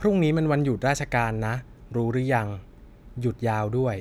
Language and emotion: Thai, neutral